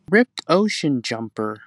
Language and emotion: English, sad